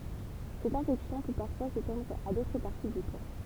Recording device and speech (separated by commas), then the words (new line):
temple vibration pickup, read sentence
Cette infection peut parfois s'étendre à d'autres parties du corps.